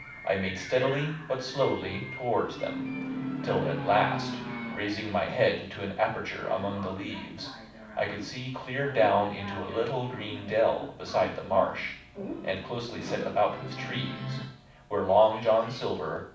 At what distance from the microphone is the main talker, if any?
5.8 m.